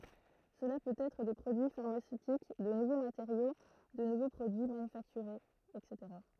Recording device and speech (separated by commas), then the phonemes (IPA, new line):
throat microphone, read sentence
səla pøt ɛtʁ de pʁodyi faʁmasøtik də nuvo mateʁjo də nuvo pʁodyi manyfaktyʁez ɛtseteʁa